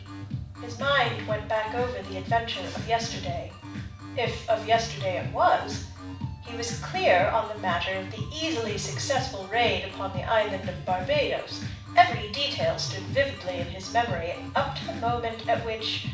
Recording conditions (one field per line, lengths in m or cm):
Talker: one person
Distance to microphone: 5.8 m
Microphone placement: far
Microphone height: 1.8 m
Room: medium-sized (5.7 m by 4.0 m)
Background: music